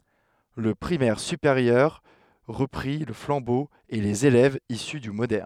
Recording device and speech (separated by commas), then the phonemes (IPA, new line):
headset microphone, read sentence
lə pʁimɛʁ sypeʁjœʁ ʁəpʁi lə flɑ̃bo e lez elɛvz isy dy modɛʁn